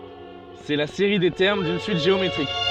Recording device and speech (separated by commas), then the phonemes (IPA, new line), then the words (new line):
soft in-ear microphone, read sentence
sɛ la seʁi de tɛʁm dyn syit ʒeometʁik
C'est la série des termes d'une suite géométrique.